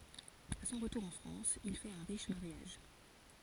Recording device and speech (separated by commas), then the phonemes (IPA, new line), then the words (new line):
forehead accelerometer, read sentence
a sɔ̃ ʁətuʁ ɑ̃ fʁɑ̃s il fɛt œ̃ ʁiʃ maʁjaʒ
À son retour en France, il fait un riche mariage.